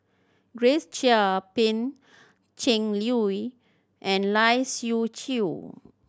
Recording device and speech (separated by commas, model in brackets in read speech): standing microphone (AKG C214), read sentence